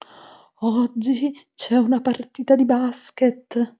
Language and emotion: Italian, fearful